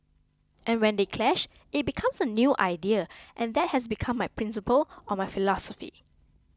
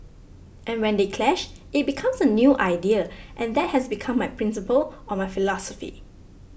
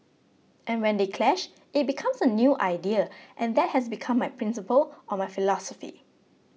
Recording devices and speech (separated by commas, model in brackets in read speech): close-talking microphone (WH20), boundary microphone (BM630), mobile phone (iPhone 6), read sentence